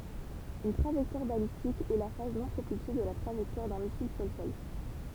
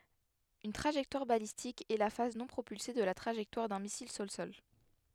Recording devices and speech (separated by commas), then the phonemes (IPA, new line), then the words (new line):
temple vibration pickup, headset microphone, read sentence
yn tʁaʒɛktwaʁ balistik ɛ la faz nɔ̃ pʁopylse də la tʁaʒɛktwaʁ dœ̃ misil sɔlsɔl
Une trajectoire balistique est la phase non propulsée de la trajectoire d'un missile sol-sol.